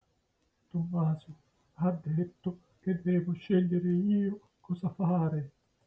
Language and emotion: Italian, fearful